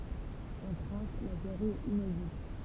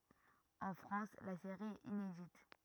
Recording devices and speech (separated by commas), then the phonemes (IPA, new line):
temple vibration pickup, rigid in-ear microphone, read sentence
ɑ̃ fʁɑ̃s la seʁi ɛt inedit